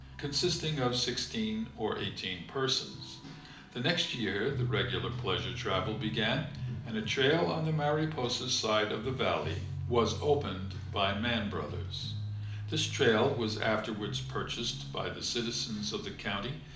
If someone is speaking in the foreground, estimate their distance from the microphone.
2.0 m.